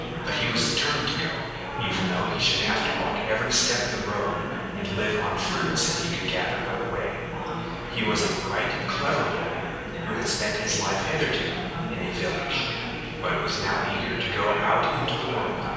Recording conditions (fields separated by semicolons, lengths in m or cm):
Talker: one person; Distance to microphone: 7.1 m; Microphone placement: far; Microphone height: 1.7 m; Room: very reverberant, large; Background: babble